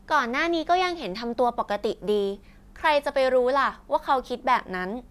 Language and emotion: Thai, neutral